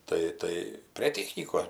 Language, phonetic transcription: Lithuanian, ˈtai ˈtai prė ˈtechnykos

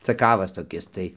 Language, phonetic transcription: Lithuanian, caˈkavas toˈkis tai

